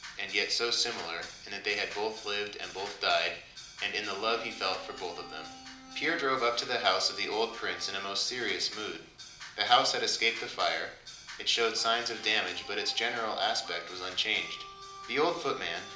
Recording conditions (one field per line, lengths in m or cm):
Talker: one person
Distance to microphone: 2.0 m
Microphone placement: close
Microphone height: 99 cm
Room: medium-sized (5.7 m by 4.0 m)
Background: music